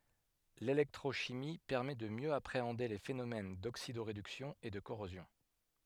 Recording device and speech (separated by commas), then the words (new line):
headset microphone, read sentence
L'électrochimie permet de mieux appréhender les phénomènes d'oxydoréduction et de corrosion.